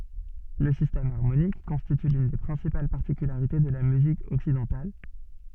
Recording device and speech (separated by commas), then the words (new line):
soft in-ear microphone, read sentence
Le système harmonique constitue l'une des principales particularités de la musique occidentale.